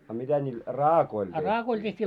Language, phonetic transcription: Finnish, a 'mitä ńiil "raakoil teht́ii ?
- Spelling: a mitä niillä raakoilla tehtiin

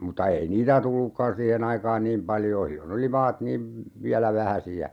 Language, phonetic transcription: Finnish, muta "ei niitä 'tullukkan 'siihen ‿aikaan "niim paljoo sillon ‿oli 'maat niim , 'viälä "vähäsi₍ä .
- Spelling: mutta ei niitä tullutkaan siihen aikaan niin paljoa silloin oli maat niin vielä vähäisiä

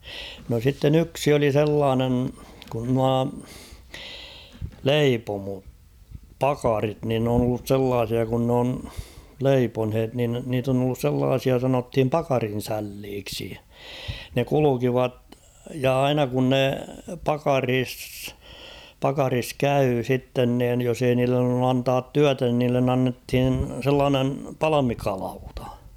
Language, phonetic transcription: Finnish, no sitten 'yksi oli "sellaanen , kun 'nua , "leipomo- "pakarit nin n ‿oon ollus 'sellaasia kun n ‿on , 'leiponhet nin niit ‿on ‿ollus 'sellaasia sanothim "pakarin̬'sälliiksi ; ne "kulukivat ja "aina kun ne 'pakariis , 'pakaris "käy 'sitten niin̳ jos ‿ei niillen ‿ollu 'antaat "tyätä nin niillen ‿'an-nethin̬ 'sellaanen , "palamikalautᴀ [!l .
- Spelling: no sitten yksi oli sellainen kun nuo - leipomopakarit niin ne on ollut sellaisia kun ne on leiponeet niin niitä on ollut sellaisia sanottiin pakarinsälliksi ne kulkivat ja aina kun ne pakarissa pakarissa kävi sitten niin jos ei niille ollut antaa työtä niin niille annettiin sellainen palmikalauta [!l

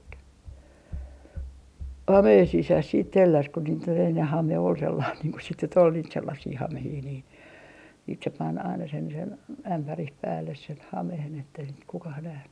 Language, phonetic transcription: Finnish, "hameen 'sisäs siit 'telläs ko niit ‿ol enne "hame ol 'sellaan niiŋ ku sit nyt ‿ol niit 'sellassii 'hamehii niin , siit se 'pan aina sen sen , 'ämpärih 'päälles sen 'hamehen ettei sit kukah 'nähny .
- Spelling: hameen sisässä sitten telläsi kun niitä oli ennen hame oli sellainen niin kuin sitten nyt oli niitä sellaisia hameita niin sitten se pani aina sen sen ämpärin päälle sen hameen että ei sitä kukaan nähnyt

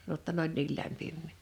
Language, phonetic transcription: Finnish, (j)otta 'n ‿oĺ 'niil 'lämpimmì .
- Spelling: jotta ne oli niin lämpimiä

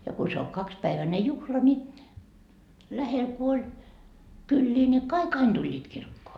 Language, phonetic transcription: Finnish, ja ku se o 'kakspäiväne "juhla ni , lähel ku oĺ , 'kyllii ni , 'kai"k ‿ain 'Duĺĺiit kirkkoo .
- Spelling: ja kun se on kaksipäiväinen juhla niin lähellä kun oli kyliä niin kaikki aina tulivat kirkkoon

